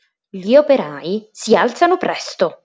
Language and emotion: Italian, angry